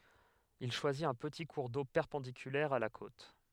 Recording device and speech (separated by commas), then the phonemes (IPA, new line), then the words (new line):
headset microphone, read sentence
il ʃwazit œ̃ pəti kuʁ do pɛʁpɑ̃dikylɛʁ a la kot
Il choisit un petit cours d'eau perpendiculaire à la côte.